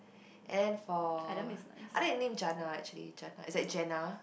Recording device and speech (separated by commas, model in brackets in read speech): boundary microphone, conversation in the same room